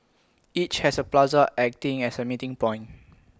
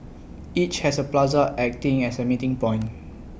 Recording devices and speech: close-talking microphone (WH20), boundary microphone (BM630), read sentence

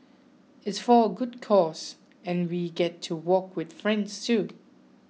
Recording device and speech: mobile phone (iPhone 6), read sentence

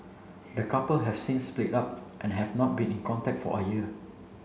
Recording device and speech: mobile phone (Samsung C7), read sentence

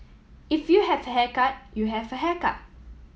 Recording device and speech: mobile phone (iPhone 7), read sentence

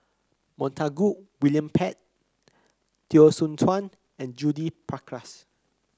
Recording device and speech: close-talking microphone (WH30), read sentence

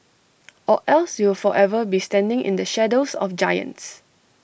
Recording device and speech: boundary microphone (BM630), read sentence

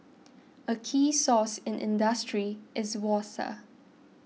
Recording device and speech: mobile phone (iPhone 6), read sentence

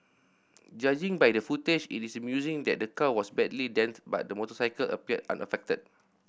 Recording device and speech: boundary microphone (BM630), read sentence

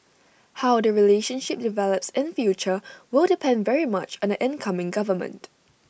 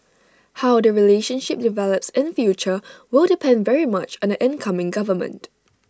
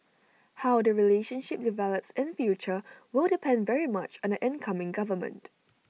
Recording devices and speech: boundary microphone (BM630), standing microphone (AKG C214), mobile phone (iPhone 6), read sentence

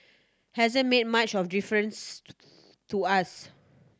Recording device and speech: standing microphone (AKG C214), read sentence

